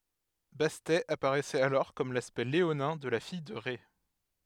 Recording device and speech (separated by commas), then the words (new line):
headset microphone, read sentence
Bastet apparaissait alors comme l'aspect léonin de la fille de Rê.